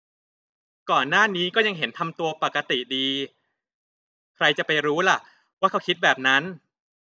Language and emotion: Thai, frustrated